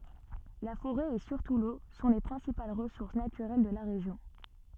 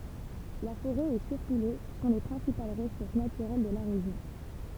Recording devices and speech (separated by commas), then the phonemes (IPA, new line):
soft in-ear microphone, temple vibration pickup, read sentence
la foʁɛ e syʁtu lo sɔ̃ le pʁɛ̃sipal ʁəsuʁs natyʁɛl də la ʁeʒjɔ̃